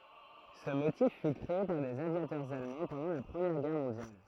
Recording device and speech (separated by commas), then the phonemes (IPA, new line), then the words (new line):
throat microphone, read sentence
sə motif fy kʁee paʁ dez avjatœʁz almɑ̃ pɑ̃dɑ̃ la pʁəmjɛʁ ɡɛʁ mɔ̃djal
Ce motif fut créé par des aviateurs allemands pendant la Première Guerre mondiale.